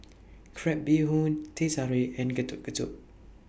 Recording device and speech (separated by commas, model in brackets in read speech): boundary microphone (BM630), read sentence